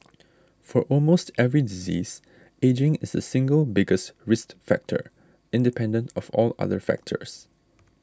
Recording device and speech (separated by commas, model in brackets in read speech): standing microphone (AKG C214), read sentence